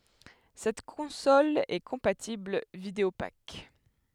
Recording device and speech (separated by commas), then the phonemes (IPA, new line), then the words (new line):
headset microphone, read sentence
sɛt kɔ̃sɔl ɛ kɔ̃patibl vidəopak
Cette console est compatible Videopac.